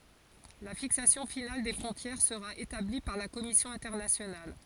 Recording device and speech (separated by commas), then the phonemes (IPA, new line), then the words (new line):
forehead accelerometer, read sentence
la fiksasjɔ̃ final de fʁɔ̃tjɛʁ səʁa etabli paʁ la kɔmisjɔ̃ ɛ̃tɛʁnasjonal
La fixation finale des frontières sera établie par la commission internationale.